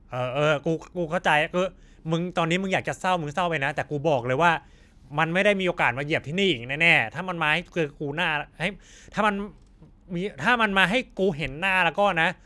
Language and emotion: Thai, frustrated